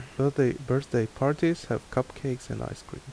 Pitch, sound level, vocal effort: 130 Hz, 77 dB SPL, soft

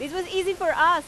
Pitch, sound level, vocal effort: 350 Hz, 97 dB SPL, very loud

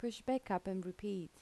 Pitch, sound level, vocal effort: 195 Hz, 78 dB SPL, soft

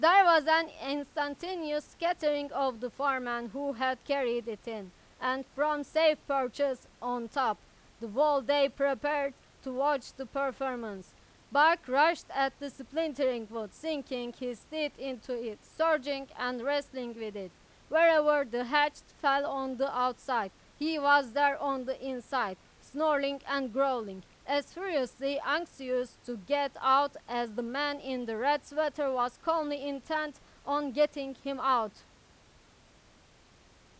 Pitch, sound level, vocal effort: 275 Hz, 98 dB SPL, very loud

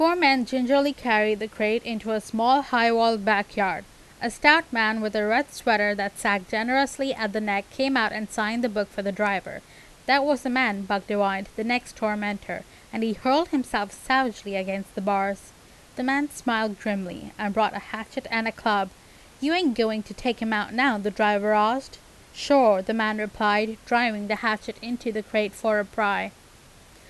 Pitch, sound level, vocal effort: 220 Hz, 87 dB SPL, loud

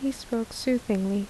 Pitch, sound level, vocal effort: 235 Hz, 75 dB SPL, soft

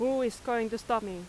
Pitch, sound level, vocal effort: 230 Hz, 90 dB SPL, very loud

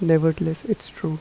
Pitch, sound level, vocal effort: 160 Hz, 80 dB SPL, soft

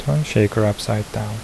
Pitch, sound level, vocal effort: 110 Hz, 74 dB SPL, soft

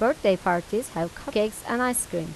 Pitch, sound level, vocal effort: 210 Hz, 86 dB SPL, normal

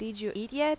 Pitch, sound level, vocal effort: 220 Hz, 88 dB SPL, normal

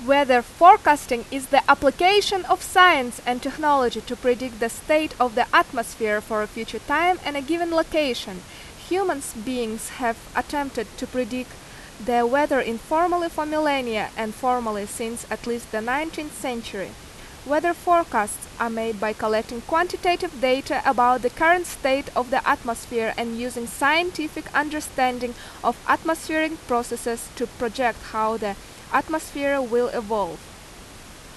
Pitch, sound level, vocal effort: 255 Hz, 89 dB SPL, very loud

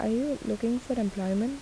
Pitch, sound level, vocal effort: 230 Hz, 76 dB SPL, soft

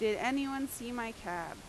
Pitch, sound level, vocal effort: 235 Hz, 88 dB SPL, very loud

